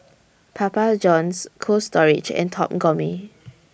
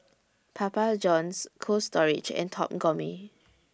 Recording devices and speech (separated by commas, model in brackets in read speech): boundary microphone (BM630), standing microphone (AKG C214), read sentence